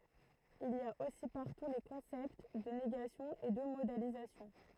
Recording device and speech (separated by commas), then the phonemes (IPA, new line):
throat microphone, read sentence
il i a osi paʁtu le kɔ̃sɛpt də neɡasjɔ̃ e də modalizasjɔ̃